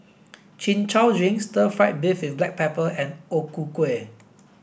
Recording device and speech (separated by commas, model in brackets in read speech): boundary microphone (BM630), read sentence